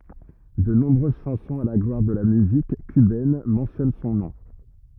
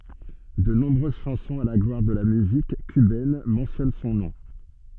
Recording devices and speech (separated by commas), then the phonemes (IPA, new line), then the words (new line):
rigid in-ear microphone, soft in-ear microphone, read sentence
də nɔ̃bʁøz ʃɑ̃sɔ̃z a la ɡlwaʁ də la myzik kybɛn mɑ̃sjɔn sɔ̃ nɔ̃
De nombreuses chansons à la gloire de la musique cubaine mentionnent son nom.